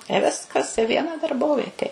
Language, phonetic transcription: Lithuanian, i ˈviskas i ˈviena darˈbovietė

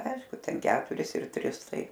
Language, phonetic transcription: Lithuanian, ˈaišku ˈten ˈketuris ir ˈtris ˈtai

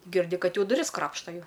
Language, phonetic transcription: Lithuanian, girˈdi ˈkad ˈjau duˈris ˈkrapšta ˈjau

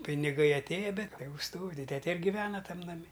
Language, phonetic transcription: Lithuanian, piniˈgai atˈėja ˈbet ˈtegu stovi ˈtete ir giˈvena ˈtam naˈmi

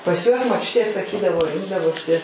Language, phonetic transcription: Lithuanian, pas ˈjuos moˈčiutė saˈkydavo ˈrinkdavosi

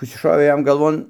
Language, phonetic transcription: Lithuanian, ˈkas čia ˈšovė ˈjam galˈvon

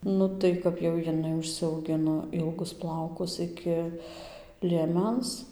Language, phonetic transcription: Lithuanian, ˈnu tai kap jau jiˈnai užsiauˈgino ˈilgus ˈplaukus ˈiki lieˈmens

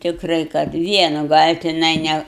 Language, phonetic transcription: Lithuanian, tikˈrai kad ˈvienu gal' tiˈnai ˈne

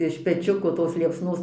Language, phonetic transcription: Lithuanian, iš peˈčiuko tos liepsˈnos

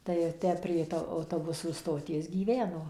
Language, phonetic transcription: Lithuanian, tai jo ˈtę prie ˈto auˈtobusų stoˈties gyˈveno

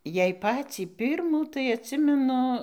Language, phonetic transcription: Lithuanian, jei ˈpacį ˈpirmų tai atˈsimenu

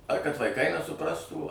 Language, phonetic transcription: Lithuanian, ar kad vaiˈkai nesuˈprastų

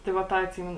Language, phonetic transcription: Lithuanian, ˈtai va ˈtą atˈsymenu

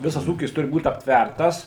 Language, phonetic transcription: Lithuanian, ˈvisas ˈūkis ˈturi būt aptˈværtas

